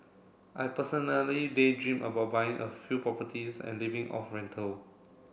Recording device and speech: boundary microphone (BM630), read sentence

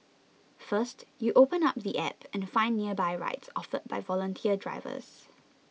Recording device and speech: mobile phone (iPhone 6), read sentence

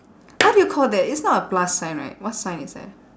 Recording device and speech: standing microphone, conversation in separate rooms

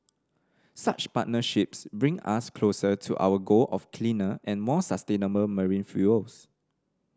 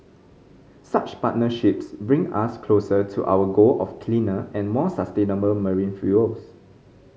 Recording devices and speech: standing microphone (AKG C214), mobile phone (Samsung C5010), read sentence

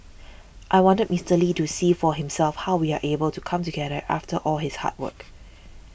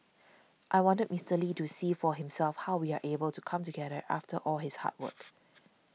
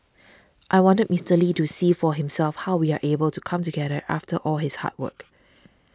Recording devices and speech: boundary microphone (BM630), mobile phone (iPhone 6), standing microphone (AKG C214), read sentence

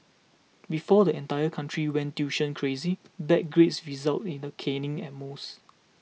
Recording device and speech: mobile phone (iPhone 6), read sentence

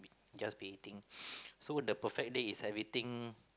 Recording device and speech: close-talking microphone, conversation in the same room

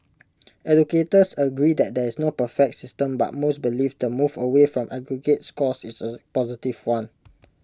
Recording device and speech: close-talking microphone (WH20), read sentence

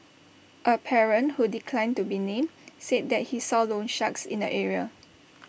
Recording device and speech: boundary microphone (BM630), read sentence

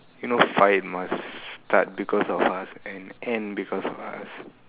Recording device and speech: telephone, conversation in separate rooms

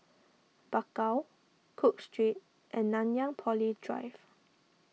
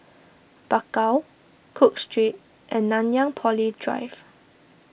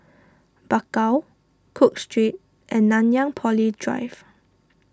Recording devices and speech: mobile phone (iPhone 6), boundary microphone (BM630), standing microphone (AKG C214), read sentence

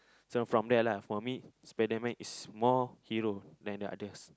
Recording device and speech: close-talking microphone, conversation in the same room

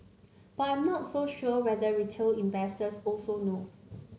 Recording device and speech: mobile phone (Samsung C9), read sentence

